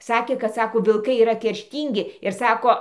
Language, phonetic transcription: Lithuanian, ˈsakė kad ˈsako vilˈkai yˈra kerˈštyngi ir ˈsako

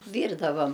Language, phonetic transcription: Lithuanian, ˈvyrdavam

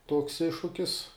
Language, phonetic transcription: Lithuanian, tuoks ˈiššukis

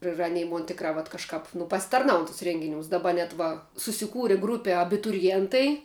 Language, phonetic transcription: Lithuanian, ir aˈnei ˈmon ˈtikrā vat kažˈkāp nu pasitarˈnaun tus ˈrenginiūs daˈbar va susiˈkūri ˈgrūpe abituriˈjėntai

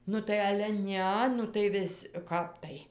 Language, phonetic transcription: Lithuanian, ˈnu tai ˈale tai ˈne nu tai ˈvis' ˈkap tai

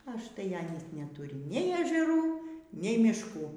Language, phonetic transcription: Lithuanian, ažˈtai ˈanys neˈturi nei ežeˈrų nei mišˈkų

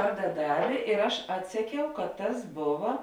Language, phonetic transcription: Lithuanian, ˈvarda ˈdavė ir ˈaš ˈatseˌkiau kad ˈtas ˈbova

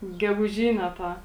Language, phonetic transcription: Lithuanian, geguˈžyne ˈtą

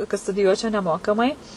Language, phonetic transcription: Lithuanian, kad studiˈjuočiau neˈmokamai

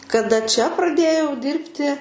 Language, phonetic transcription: Lithuanian, kaˈda čia praˈdėjau ˈdirbti

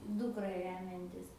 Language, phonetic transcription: Lithuanian, ˈdukra ˈremiantis

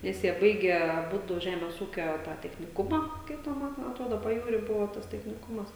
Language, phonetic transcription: Lithuanian, ˈnes jie ˈbaige aˈbudu ˈžemės ˈūkio tą techniˈkumą ˈkaip ten ˈman atˈrodo paˈjūry ˈbuvo tas techniˈkumas

